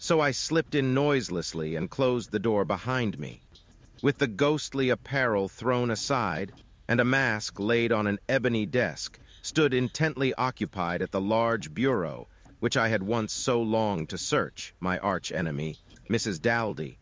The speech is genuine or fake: fake